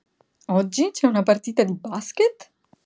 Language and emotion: Italian, happy